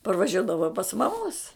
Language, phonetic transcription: Lithuanian, parvaˈžiuodavau pas maˈmos

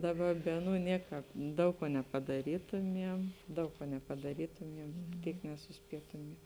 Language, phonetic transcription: Lithuanian, daˈba ˈbe aˌnų ˈnieˌkāp ˈdaug kuo nepadaˈrytumiem ˈdaug kuo nepadaˈrytumiem ˈtyk nesuˈspietumiem

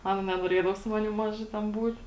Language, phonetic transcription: Lithuanian, ˈana nenoˈriedavo su ˈmanim ˈmaža ten ˈbūt

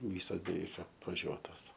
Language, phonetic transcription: Lithuanian, ˈvysas beˈveik apvaˈžiuotos

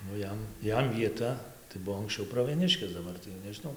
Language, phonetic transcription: Lithuanian, nu ˈjam ˈjam vieˈta tai ˈbuvo ankˈsčiau pravieˈniškės daˈbar tai jau nežiˈnau

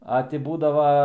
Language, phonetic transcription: Lithuanian, a ˈti ˈbūdava

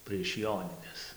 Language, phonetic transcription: Lithuanian, prieš ˈjonines

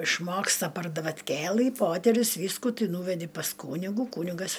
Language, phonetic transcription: Lithuanian, išˈmoksta par davatˈkėlɨ ˈpoterius ˈvyskų ˈtɨ ˈnūvedi pas ˈkūnigu ˈkūnigas

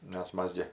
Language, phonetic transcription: Lithuanian, nes ˈmas gi

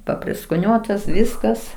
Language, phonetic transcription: Lithuanian, papriskoˈniuotas ˈviskas

